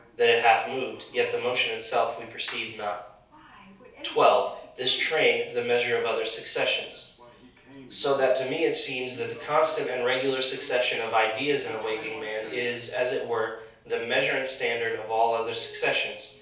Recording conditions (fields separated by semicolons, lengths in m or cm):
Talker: one person; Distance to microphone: 3.0 m; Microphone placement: far; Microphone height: 1.8 m; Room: small (3.7 m by 2.7 m); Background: television